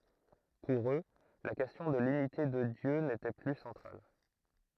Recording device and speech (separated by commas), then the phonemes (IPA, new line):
throat microphone, read sentence
puʁ ø la kɛstjɔ̃ də lynite də djø netɛ ply sɑ̃tʁal